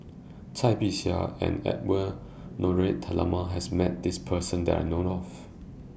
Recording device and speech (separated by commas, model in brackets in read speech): boundary microphone (BM630), read sentence